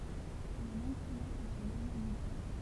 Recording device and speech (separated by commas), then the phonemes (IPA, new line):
temple vibration pickup, read sentence
la lɑ̃ɡ kɔmɑ̃s a sə nɔʁmalize